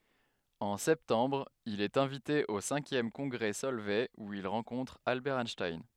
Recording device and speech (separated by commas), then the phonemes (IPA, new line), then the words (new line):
headset microphone, read sentence
ɑ̃ sɛptɑ̃bʁ il ɛt ɛ̃vite o sɛ̃kjɛm kɔ̃ɡʁɛ sɔlvɛ u il ʁɑ̃kɔ̃tʁ albɛʁ ɛnʃtajn
En septembre, il est invité au cinquième congrès Solvay où il rencontre Albert Einstein.